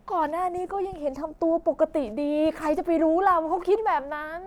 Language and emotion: Thai, frustrated